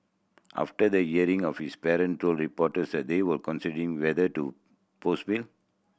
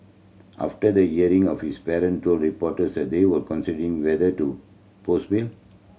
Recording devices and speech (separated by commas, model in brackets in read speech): boundary microphone (BM630), mobile phone (Samsung C7100), read sentence